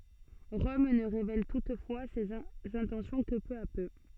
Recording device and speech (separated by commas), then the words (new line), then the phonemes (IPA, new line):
soft in-ear microphone, read sentence
Rome ne révèle toutefois ses intentions que peu à peu.
ʁɔm nə ʁevɛl tutfwa sez ɛ̃tɑ̃sjɔ̃ kə pø a pø